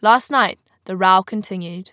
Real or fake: real